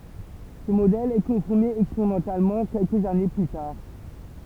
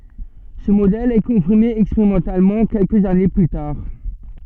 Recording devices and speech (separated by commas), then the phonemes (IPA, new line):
temple vibration pickup, soft in-ear microphone, read sentence
sə modɛl ɛ kɔ̃fiʁme ɛkspeʁimɑ̃talmɑ̃ kɛlkəz ane ply taʁ